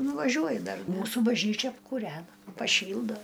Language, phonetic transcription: Lithuanian, nuvaˈžiuoju ˈdar ˈmūsų bažˈnyčia apkūˈrena paˈšyldo

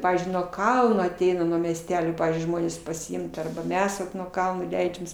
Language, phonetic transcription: Lithuanian, ˈpavyzdžiui nuo ˈkalno aˈteina nuo miesˈtelio ˈpavyzdžiui ˈžmonės pasiˈimt arba ˈmes vat nuo ˈkalno ˈleidžiamės

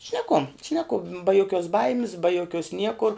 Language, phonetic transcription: Lithuanian, šneˈku šneˈku ba joˈkiuos ˈbaimis ba joˈkiuos ˈniekur

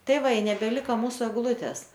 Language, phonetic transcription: Lithuanian, ˈtai ˈva i nebeˈlika ˈmūsu egˈlūtes

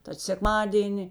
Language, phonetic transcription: Lithuanian, tad sekˈmadieni

